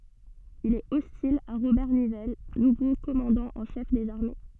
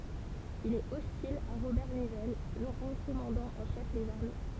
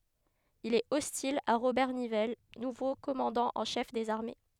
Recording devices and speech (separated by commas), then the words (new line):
soft in-ear microphone, temple vibration pickup, headset microphone, read sentence
Il est hostile à Robert Nivelle, nouveau commandant en chef des armées.